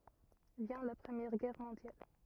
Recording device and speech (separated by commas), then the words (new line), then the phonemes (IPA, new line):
rigid in-ear microphone, read sentence
Vient la Première Guerre mondiale.
vjɛ̃ la pʁəmjɛʁ ɡɛʁ mɔ̃djal